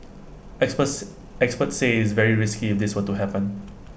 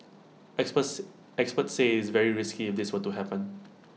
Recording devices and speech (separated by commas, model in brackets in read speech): boundary microphone (BM630), mobile phone (iPhone 6), read sentence